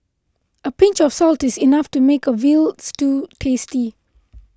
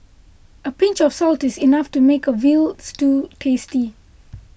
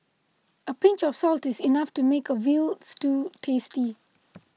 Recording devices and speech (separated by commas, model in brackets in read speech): close-talking microphone (WH20), boundary microphone (BM630), mobile phone (iPhone 6), read sentence